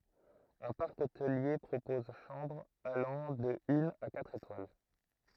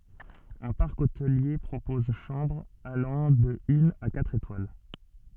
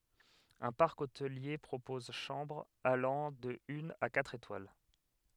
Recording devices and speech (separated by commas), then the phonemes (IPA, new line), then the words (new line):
throat microphone, soft in-ear microphone, headset microphone, read sentence
œ̃ paʁk otəlje pʁopɔz ʃɑ̃bʁz alɑ̃ də yn a katʁ etwal
Un parc hôtelier propose chambres allant de une à quatre étoiles.